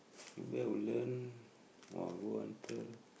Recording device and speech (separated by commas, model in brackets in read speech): boundary microphone, conversation in the same room